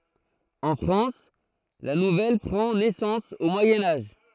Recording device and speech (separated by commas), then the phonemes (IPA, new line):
throat microphone, read sentence
ɑ̃ fʁɑ̃s la nuvɛl pʁɑ̃ nɛsɑ̃s o mwajɛ̃ aʒ